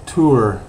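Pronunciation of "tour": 'Tour' is said with more of an oo sound, not as 'tur'.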